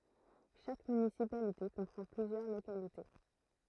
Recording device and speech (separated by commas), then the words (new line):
throat microphone, read sentence
Chaque municipalité comprend plusieurs localités.